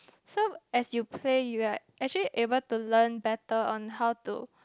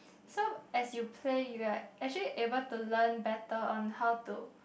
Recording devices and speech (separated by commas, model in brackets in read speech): close-talking microphone, boundary microphone, conversation in the same room